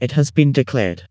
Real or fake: fake